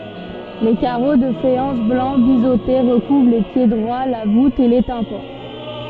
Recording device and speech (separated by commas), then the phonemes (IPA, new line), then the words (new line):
soft in-ear microphone, read sentence
le kaʁo də fajɑ̃s blɑ̃ bizote ʁəkuvʁ le pjedʁwa la vut e le tɛ̃pɑ̃
Les carreaux de faïence blancs biseautés recouvrent les piédroits, la voûte et les tympans.